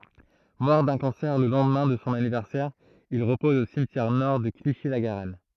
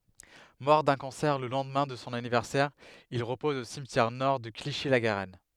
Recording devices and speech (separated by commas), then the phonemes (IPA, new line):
throat microphone, headset microphone, read sentence
mɔʁ dœ̃ kɑ̃sɛʁ lə lɑ̃dmɛ̃ də sɔ̃ anivɛʁsɛʁ il ʁəpɔz o simtjɛʁ nɔʁ də kliʃi la ɡaʁɛn